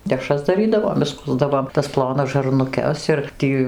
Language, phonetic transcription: Lithuanian, deˈšras daˈrydavom išˈskusdavom tas ˈplonas žarnuˈkes ir ˈtį

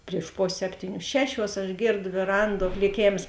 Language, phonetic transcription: Lithuanian, prieš ˈposė ˈseptyˌnių ˈšeˌšiuos aš ˈgėrdo vėˈranˌduo kliˈkėms

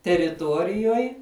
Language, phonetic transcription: Lithuanian, teriˈtuorijuoj

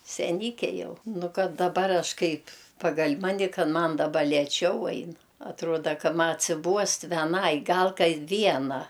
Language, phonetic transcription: Lithuanian, seˈnyke ˈjau ˈnu ˈkad daˈbar ˈaš ˈkaip' ˈpagal' ˈmani ˈkad ˈman daˈba lėˈčiau ˈain atˈruoda ˈka ˈma atsiˈbuost veˈnai ˈgal kai ˈviena

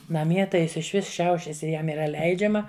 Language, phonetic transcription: Lithuanian, naˈmie tai ˈjis išˈvis ˈšiaušias i ˈjam yˈra ˈleidžiama

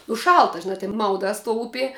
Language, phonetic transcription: Lithuanian, u ˈšalta žiˈna tin ˈmaudās tuo ˈupie

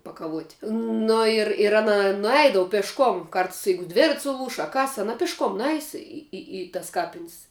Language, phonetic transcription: Lithuanian, pakaˈvuot' nu ir ir ˈana nuˈeidavu pešˈkom ˈkarts ˈjeigu ˈdvirat's' suˈlūš a ˈkas aˈna pišˈkom ˈnuˌeis i i i tas ˈkapin's'

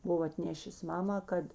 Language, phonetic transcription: Lithuanian, ˈbuvo atˈnėšės ˈmamā ˈkad

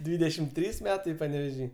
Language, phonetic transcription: Lithuanian, ˈdvydešim ˈtrys ˈmetai paneveˈžy

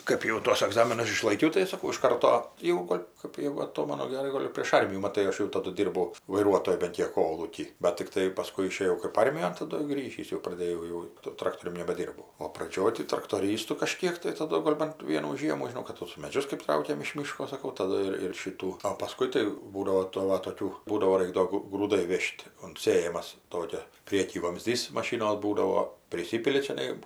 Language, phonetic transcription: Lithuanian, ˈkɜp jau ˈtuos aˈgzaminus išlaiˈkiau tai saˈkau iš ˈkarto ˈjau ˈgol' ˈkɜp jegu aˈtomanu geˈrai ˈgol' jau prėš ˈarmijų maˈtai ˈaš jau taˈdu ˈdyrbau vaiˈruotoju ban ˈkiek ˈkolūky ˈbat tikˈtai paˈskui išėˈjau kɜp ˈarmijon taˈdu ˈgrįžįs jau praˈdėjau jau to ˈtraktorium nebeˈdyrbau o praˈdžioj tai traktoˈrystu kaˈžkėk tai taˈdu ˈgol' bant ˈvienų ˈžiemų žiˈnau kad ˈtos meˈdžius kɜp ˈtraukėm iš ˈmyško saˈkau taˈdu ir ir ˈšytų o paˈskui tai ˈbūdavo tų va toˈkių ˈbūdavo ˈraik do gu grūˈdai ˈvėž't' unt ˈsėjamas ˈtokia ˈprieky vamˈzdys maˈšinos ˈbūdavo priˈsipili čiaˈnai

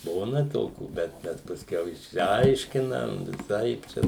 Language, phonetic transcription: Lithuanian, ˈbūna ˈtokių ˈbet bet pasˈkiau išsiˈaiškinam viˈsaip ˈčia

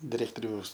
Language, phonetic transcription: Lithuanian, diˈrektoriaus

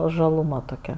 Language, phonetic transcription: Lithuanian, žaluˈma toˈkia

